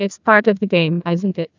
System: TTS, neural waveform model